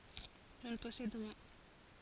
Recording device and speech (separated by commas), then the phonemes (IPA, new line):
forehead accelerometer, read sentence
ʒə nə pɔsɛd ʁiɛ̃